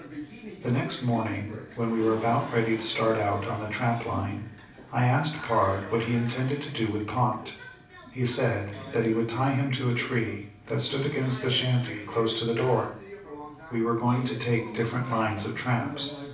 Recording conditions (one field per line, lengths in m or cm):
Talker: one person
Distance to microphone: 5.8 m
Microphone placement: far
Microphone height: 1.8 m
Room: medium-sized (5.7 m by 4.0 m)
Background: television